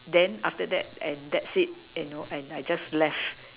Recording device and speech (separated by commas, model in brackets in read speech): telephone, conversation in separate rooms